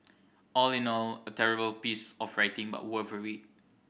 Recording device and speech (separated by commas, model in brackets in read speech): boundary microphone (BM630), read sentence